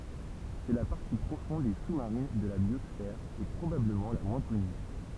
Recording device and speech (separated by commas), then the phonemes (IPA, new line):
temple vibration pickup, read sentence
sɛ la paʁti pʁofɔ̃d e su maʁin də la bjɔsfɛʁ e pʁobabləmɑ̃ la mwɛ̃ kɔny